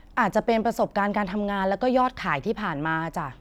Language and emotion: Thai, neutral